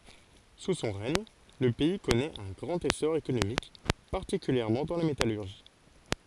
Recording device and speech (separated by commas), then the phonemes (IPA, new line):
forehead accelerometer, read sentence
su sɔ̃ ʁɛɲ lə pɛi kɔnɛt œ̃ ɡʁɑ̃t esɔʁ ekonomik paʁtikyljɛʁmɑ̃ dɑ̃ la metalyʁʒi